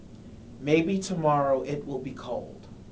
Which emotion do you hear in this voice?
neutral